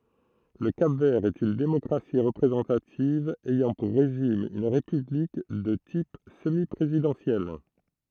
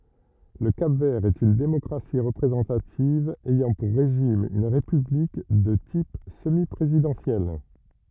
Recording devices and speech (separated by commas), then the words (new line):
throat microphone, rigid in-ear microphone, read sentence
Le Cap-Vert est une démocratie représentative, ayant pour régime une république de type semi-présidentiel.